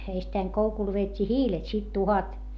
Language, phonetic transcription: Finnish, eistäiŋ koukul veet́t́ii hiilet sit tuhat .
- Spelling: ensittäin koukulla vedettiin hiilet sitten tuhkat

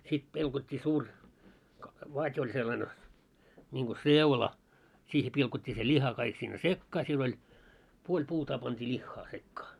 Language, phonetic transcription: Finnish, sit 'pilkot́t́ii 'suur , 'vat́ oĺ sellane , ńiŋɢo "seula , 'siihe pilkot́t́ii se 'ĺiha kaik sinne "sekkaa siel ‿oĺ , 'puoĺ 'puutaa pant́ii "ĺiχχaa sekkaa .
- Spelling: sitten pilkottiin suuri vati oli sellainen niin kuin seula siihen pilkottiin se liha kaikki sinne sekaan siellä oli puoli puutaa pantiin lihaa sekaan

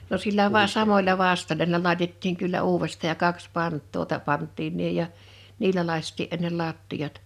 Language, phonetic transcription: Finnish, no 'sillä vaa 'samoĺa 'vastoĺa n(ii)llä 'làitettiiŋ kyllä 'uuvest̆tà ja 'kaks "pant̆too ta- 'pant̆tiin niiʰej̆ ja , 'niilä '1àⁱst̆tii ’ennel 'làttijat .
- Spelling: no sillä vain samoilla vastoilla niillä laitettiin kyllä uudestaan ja kaksi pantaa - pantiin niin ja niillä lakaistiin ennen lattiat

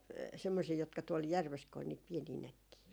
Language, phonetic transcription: Finnish, 'semmosii jotka tuol "järves ko ‿ol , niit 'pienii 'näkkii ?
- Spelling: semmoisia jotka tuolla järvessä kun oli niitä pieniä näkkejä

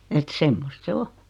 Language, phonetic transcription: Finnish, et "semmost 'se "o .
- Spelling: että semmoista se on

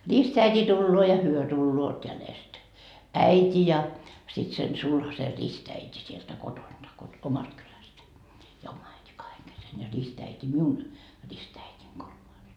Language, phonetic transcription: Finnish, 'ristäit́i 'tulloo ja 'hyö "tulloot jälest , 'äit́i ja , sit sen 'sulhase 'ristäit́i sieltä 'kotonDa , kot- , 'omast kylästä , ja 'oma äiti 'kaheŋ kesen , ja 'ristäit́i "miun , 'ristäit́iŋ kolmais .
- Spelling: ristiäiti tulee ja he tulevat jäljestä äiti ja sitten sen sulhasen ristiäiti sieltä kotoa - omasta kylästä ja oma äiti kahden kesken ja ristiäiti minun ristiäitini kolmas

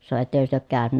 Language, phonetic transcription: Finnish, sano » ettäkös työ ook käänynä ? »
- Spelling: sanoi ettekös te ole käynyt

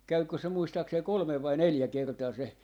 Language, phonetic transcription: Finnish, 'käykkö se 'muistaaksei "kolᵒmev vai "neljä kertaa se ,.
- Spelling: kävikö se muistaakseni kolme vai neljä kertaa se

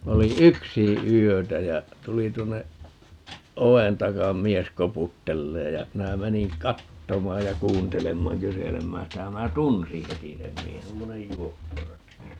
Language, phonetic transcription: Finnish, 'oli "yksiḭ 'yötä jä , 'tuli 'tuonne , "o₍en 'takam "mies 'koputtelleej ja , 'minä 'meniŋ "kattomaaj ja 'kuuntelemmaaŋ - 'kyselemmään sitä ja 'minä "tunsi 'heti sem 'miehen - 'semmonej "juoppo(ratti) .
- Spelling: olin yksin yötä ja tuli tuonne oven taa mies koputtelemaan ja minä menin katsomaan ja kuuntelemaan kyselemään sitä ja minä tunsin heti sen miehen semmoinen juopporatti

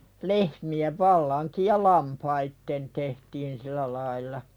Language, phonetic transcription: Finnish, lehmi₍ev 'vallaŋkij ja "lampaitten tehtiin silä lail̆la .
- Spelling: lehmien vallankin ja lampaiden tehtiin sillä lailla

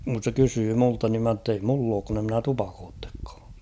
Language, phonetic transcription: Finnish, (kus) se 'kysyy 'multa nim ma ‿ttei 'mull ‿ook kun ‿e ‿mnä 'tupakoottekkᴀᴀ .
- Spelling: kun se kysyi minulta niin minä että ei minulla ole kun en minä tupakoikaan

